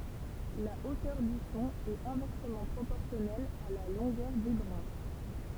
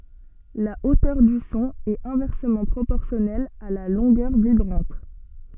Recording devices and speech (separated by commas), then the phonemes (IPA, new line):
temple vibration pickup, soft in-ear microphone, read sentence
la otœʁ dy sɔ̃ ɛt ɛ̃vɛʁsəmɑ̃ pʁopɔʁsjɔnɛl a la lɔ̃ɡœʁ vibʁɑ̃t